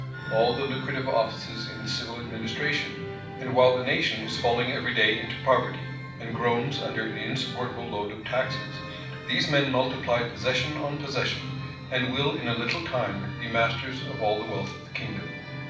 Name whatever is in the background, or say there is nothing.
Music.